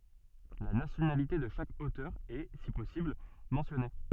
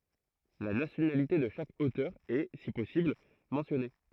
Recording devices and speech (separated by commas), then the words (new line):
soft in-ear microphone, throat microphone, read sentence
La nationalité de chaque auteur est, si possible, mentionnée.